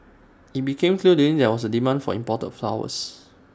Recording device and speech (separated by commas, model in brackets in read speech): standing microphone (AKG C214), read sentence